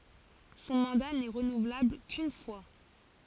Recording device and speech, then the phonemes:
forehead accelerometer, read sentence
sɔ̃ mɑ̃da nɛ ʁənuvlabl kyn fwa

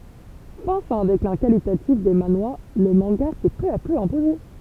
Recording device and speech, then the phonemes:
temple vibration pickup, read sentence
fas a œ̃ deklɛ̃ kalitatif de manwa lə mɑ̃ɡa sɛ pø a pø ɛ̃poze

